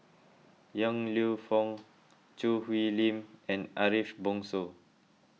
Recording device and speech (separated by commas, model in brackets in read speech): mobile phone (iPhone 6), read sentence